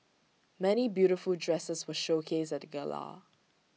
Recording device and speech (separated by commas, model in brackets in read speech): mobile phone (iPhone 6), read sentence